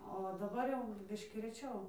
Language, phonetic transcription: Lithuanian, o daˈbar jau ˈbiškį reˈčiau

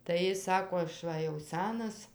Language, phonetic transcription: Lithuanian, tai ˈjis ˈsako aš ˈva jau ˈsænas

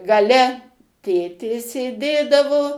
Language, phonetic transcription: Lithuanian, gaˈle ˈtėtė sėˈdėdavo

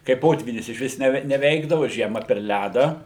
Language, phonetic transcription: Lithuanian, kai ˈpotvynis išˈvis neˈve neˈveikdavu ˈžiema per ˈlædą

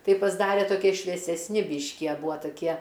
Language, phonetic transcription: Lithuanian, ˈtai pasˈdare toˈkie šviesesˈni ˈbyški a ˈbūa taˈkie

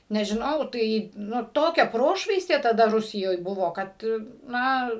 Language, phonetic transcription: Lithuanian, nežiˈnau ˈtai ˈnu ˈtokia ˈprošvaistė taˈda ˈrusijoj ˈbuvo ˈkad ˈna

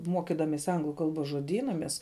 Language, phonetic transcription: Lithuanian, ˈmuokidamesi ˈanglu ˈkalbos žuoˈdyna ˈmes

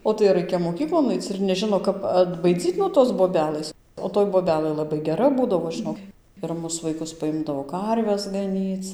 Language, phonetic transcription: Lithuanian, o ˈtai ˈraikia moˈkyklon ˈaic ir neˈžino ˈkap atbaiˈdzyt nuo ˈtos boˈbelɘs o toj boˈbelɘ laˈbai geˈra ˈbūdavo ˈžɨnok ir ˈmus vaiˈkus paˈimdavo ˈkarves gaˈnyc

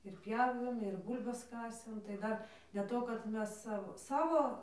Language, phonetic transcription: Lithuanian, ir ˈpjavėm ir ˈbūl'bas ˈkasėm tai ˈdar dėl ˈto kad ˈmes ˈsavo ˈsavo

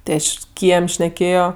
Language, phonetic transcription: Lithuanian, tė ˈaš ˈkiem' šneˈkėjo

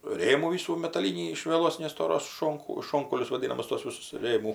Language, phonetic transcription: Lithuanian, ˈrėmų ˈvysų metaˈlynį iš vieˈlos nestoˈros ˈšonku ˈšonkaulius vaˈdynamus tos ˈvisus ˈrėmų

